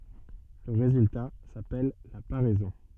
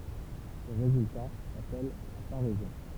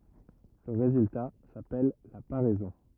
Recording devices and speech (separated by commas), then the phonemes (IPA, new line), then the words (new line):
soft in-ear microphone, temple vibration pickup, rigid in-ear microphone, read sentence
lə ʁezylta sapɛl la paʁɛzɔ̃
Le résultat s'appelle la paraison.